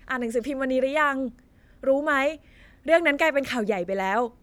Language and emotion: Thai, happy